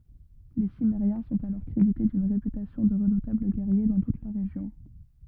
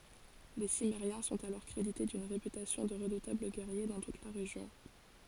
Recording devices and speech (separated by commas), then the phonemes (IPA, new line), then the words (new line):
rigid in-ear microphone, forehead accelerometer, read sentence
le simmeʁjɛ̃ sɔ̃t alɔʁ kʁedite dyn ʁepytasjɔ̃ də ʁədutabl ɡɛʁje dɑ̃ tut la ʁeʒjɔ̃
Les Cimmériens sont alors crédités d'une réputation de redoutables guerriers dans toute la région.